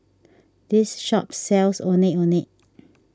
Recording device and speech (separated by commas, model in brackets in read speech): standing microphone (AKG C214), read sentence